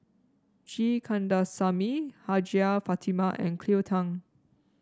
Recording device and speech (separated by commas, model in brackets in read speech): standing microphone (AKG C214), read sentence